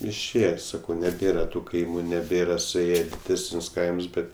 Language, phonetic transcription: Lithuanian, išˈėje ˈsakau neˈbėra tu ˈkaimu neˈbėra suˈėje i ˈtuos diˈdesnius ˈkaims ˈbet

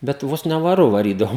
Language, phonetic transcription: Lithuanian, bet ˈvos ne vaˈru vaˈrydavo

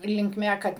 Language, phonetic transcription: Lithuanian, linkˈme ˈkad

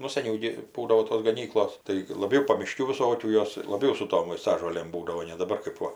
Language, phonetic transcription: Lithuanian, ˈnu saˈniau gi ˈbūdavo tos gaˈnyklos tai ir laˈbiau pamiˈškių viˈsokių ˈjos laˈbiau su ˈtom vaiˈstažolėm ˈbūdavo ne daˈbar kɜp ˈva

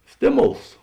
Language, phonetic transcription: Lithuanian, ˈstėˌmols

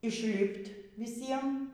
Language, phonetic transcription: Lithuanian, išˈlipt' viˈsiem

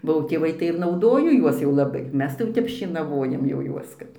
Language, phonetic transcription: Lithuanian, bau tėˈvai tai ir nauˈdojo ˈjuos jau laˈbai ˈmes tai ˈtep šėnaˈvojam jau ˈjuos ˈkad

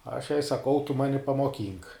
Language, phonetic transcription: Lithuanian, aš jai saˈkau tu ˈmani pamoˈkynk

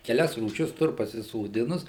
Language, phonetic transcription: Lithuanian, keˈlias rūˈšis ˈtur pasisoˈdinus

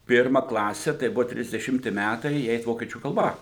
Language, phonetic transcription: Lithuanian, ˈpirma ˈklase tai ˈbuvo trisdeˈšimti ˈmætai ji ˈeit ˈvokiečių kalˈba

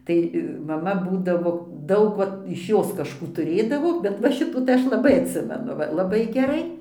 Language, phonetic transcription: Lithuanian, ˈtai maˈma ˈbūdavo ˈdaug ˈvat iš ˈjos kažˈkų tuˈrėdavo bet va ˈšitų ˈaš laˈbai atˈsimenu laˈbai geˈrai

